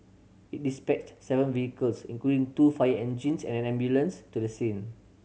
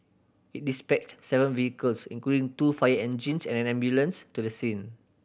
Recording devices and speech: mobile phone (Samsung C7100), boundary microphone (BM630), read sentence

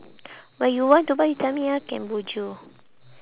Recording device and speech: telephone, conversation in separate rooms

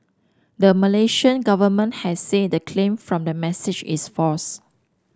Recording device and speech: standing microphone (AKG C214), read sentence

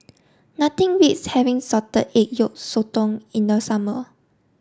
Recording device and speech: standing microphone (AKG C214), read sentence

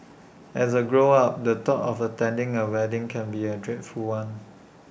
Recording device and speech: boundary microphone (BM630), read sentence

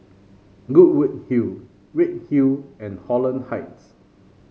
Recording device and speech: mobile phone (Samsung C5), read sentence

